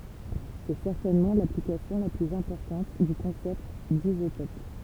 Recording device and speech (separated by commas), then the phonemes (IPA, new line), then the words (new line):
temple vibration pickup, read sentence
sɛ sɛʁtɛnmɑ̃ laplikasjɔ̃ la plyz ɛ̃pɔʁtɑ̃t dy kɔ̃sɛpt dizotɔp
C'est certainement l'application la plus importante du concept d'isotope.